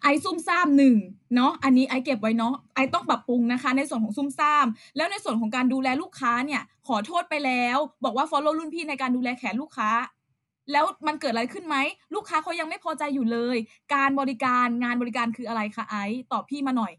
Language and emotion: Thai, frustrated